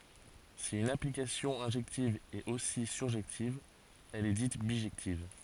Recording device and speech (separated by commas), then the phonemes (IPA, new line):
forehead accelerometer, read sentence
si yn aplikasjɔ̃ ɛ̃ʒɛktiv ɛt osi syʁʒɛktiv ɛl ɛ dit biʒɛktiv